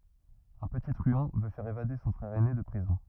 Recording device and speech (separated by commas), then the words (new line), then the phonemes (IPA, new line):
rigid in-ear microphone, read sentence
Un petit truand veut faire évader son frère aîné de prison.
œ̃ pəti tʁyɑ̃ vø fɛʁ evade sɔ̃ fʁɛʁ ɛne də pʁizɔ̃